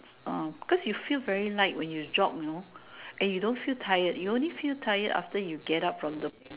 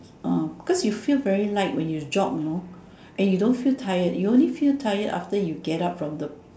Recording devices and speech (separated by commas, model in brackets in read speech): telephone, standing microphone, conversation in separate rooms